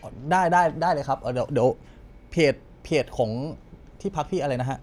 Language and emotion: Thai, neutral